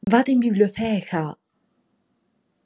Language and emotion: Italian, surprised